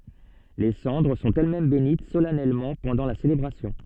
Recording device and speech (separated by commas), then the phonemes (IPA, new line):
soft in-ear microphone, read sentence
le sɑ̃dʁ sɔ̃t ɛlɛsmɛm benit solɛnɛlmɑ̃ pɑ̃dɑ̃ la selebʁasjɔ̃